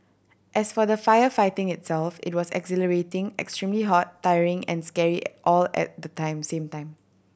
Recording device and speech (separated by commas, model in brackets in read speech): boundary microphone (BM630), read sentence